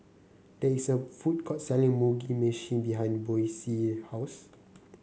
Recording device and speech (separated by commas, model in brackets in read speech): mobile phone (Samsung C9), read sentence